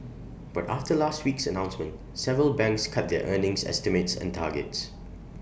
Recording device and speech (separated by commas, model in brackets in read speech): boundary microphone (BM630), read sentence